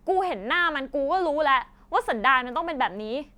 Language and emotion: Thai, angry